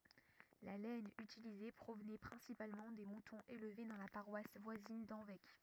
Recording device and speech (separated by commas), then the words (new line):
rigid in-ear microphone, read sentence
La laine utilisée provenait principalement des moutons élevés dans la paroisse voisine d'Hanvec.